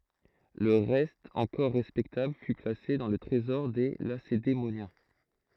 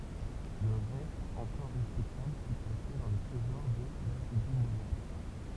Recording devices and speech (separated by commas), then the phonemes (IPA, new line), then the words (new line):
throat microphone, temple vibration pickup, read sentence
lə ʁɛst ɑ̃kɔʁ ʁɛspɛktabl fy plase dɑ̃ lə tʁezɔʁ de lasedemonjɛ̃
Le reste encore respectable fut placé dans le Trésor des Lacédémoniens.